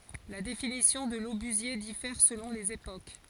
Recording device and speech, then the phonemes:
forehead accelerometer, read sentence
la definisjɔ̃ də lobyzje difɛʁ səlɔ̃ lez epok

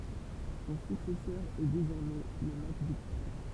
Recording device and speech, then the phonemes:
temple vibration pickup, read sentence
sɔ̃ syksɛsœʁ ɛ dezɔʁmɛ lə makbuk pʁo

